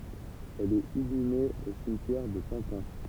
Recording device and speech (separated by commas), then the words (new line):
temple vibration pickup, read sentence
Elle est inhumée au cimetière de Pantin.